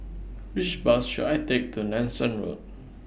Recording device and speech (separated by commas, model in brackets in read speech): boundary microphone (BM630), read sentence